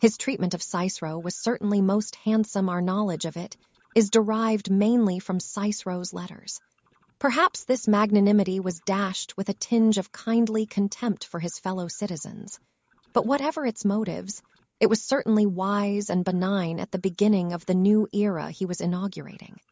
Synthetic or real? synthetic